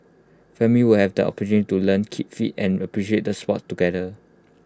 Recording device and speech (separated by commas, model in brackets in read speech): close-talking microphone (WH20), read sentence